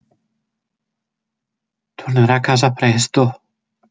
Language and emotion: Italian, fearful